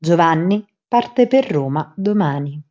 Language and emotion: Italian, neutral